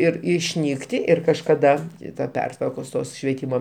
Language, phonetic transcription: Lithuanian, ˈir išˈnykti ˈir kažkaˈda ta ˈpertvarkos ˈtos švieˈtymo

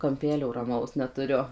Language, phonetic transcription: Lithuanian, kamˈpelio raˈmaus netuˈriu

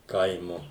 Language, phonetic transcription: Lithuanian, ˈkaimu

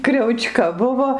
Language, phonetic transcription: Lithuanian, kriauˈčka ˈbuvo

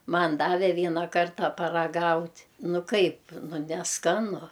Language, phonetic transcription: Lithuanian, ˈman ˈdave ˈvieną ˈkartą paraˈgaut' ˈnu ˈkaip ˈnu neˈskanu

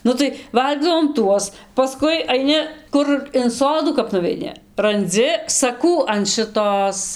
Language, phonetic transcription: Lithuanian, ˈnu tai ˈvalgydavom ˈtuos paˈskui aiˈni ˈkur in ˈsodų kap nuveiˈni ranˈdzi saˈkų an šɨˈtos

